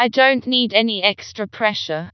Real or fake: fake